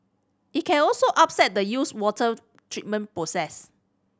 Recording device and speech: standing microphone (AKG C214), read sentence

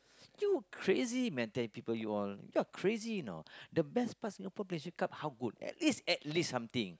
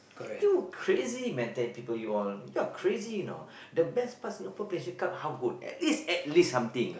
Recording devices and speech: close-talking microphone, boundary microphone, conversation in the same room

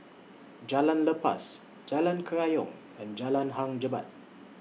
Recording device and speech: mobile phone (iPhone 6), read sentence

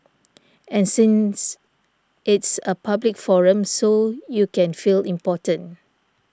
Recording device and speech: standing microphone (AKG C214), read sentence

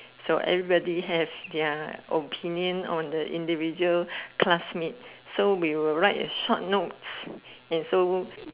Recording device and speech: telephone, conversation in separate rooms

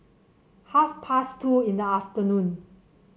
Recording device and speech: mobile phone (Samsung C7), read sentence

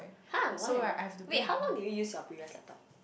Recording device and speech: boundary microphone, conversation in the same room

